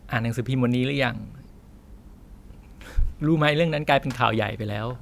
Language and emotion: Thai, sad